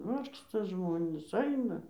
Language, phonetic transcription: Lithuanian, ˈvargsta ˈžmonys ˈaina

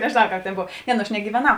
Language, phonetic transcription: Lithuanian, nežėˈnau ˈkāp tėn ˈbov ˈne nu aš negyveˈnau

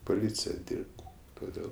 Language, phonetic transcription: Lithuanian, poˈlycija ˈdyrbt toˈdėl

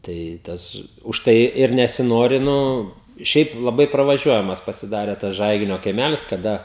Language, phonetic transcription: Lithuanian, ˈtai ˈtas užˈtai ir nesiˈnori ˈnu ˈšiaip laˈbai pravaˈžiuojamas pasiˈdare tas ˈžaiginio kaiˈmælis kaˈda

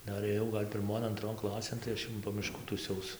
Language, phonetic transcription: Lithuanian, ˈdar ėˈjau ˈgal' pirˈmon anˈtron ˈklasėn tai ˈaš jau po ˈmiškų tųˈsiaus

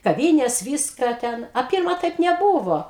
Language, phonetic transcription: Lithuanian, kaˈvynės ˈvyska ˈten a ˈpirma ˈtaip neˈbūvo

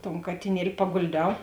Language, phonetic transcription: Lithuanian, ton katiˈnieli pagolˈdiau

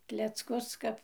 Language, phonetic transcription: Lithuanian, klecˈkus ˈkap

